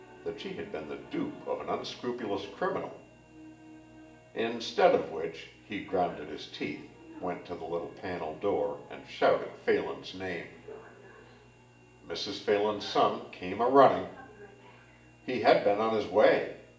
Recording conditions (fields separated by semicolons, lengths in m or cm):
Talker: one person; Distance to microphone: 1.8 m; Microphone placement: close; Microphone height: 1.0 m; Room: large; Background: television